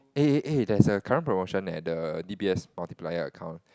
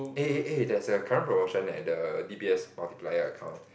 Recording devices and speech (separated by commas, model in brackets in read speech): close-talking microphone, boundary microphone, conversation in the same room